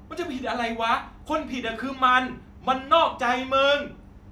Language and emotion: Thai, angry